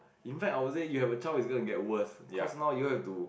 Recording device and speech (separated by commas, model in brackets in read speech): boundary microphone, conversation in the same room